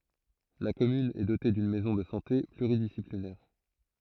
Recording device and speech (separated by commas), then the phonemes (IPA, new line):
throat microphone, read sentence
la kɔmyn ɛ dote dyn mɛzɔ̃ də sɑ̃te plyʁidisiplinɛʁ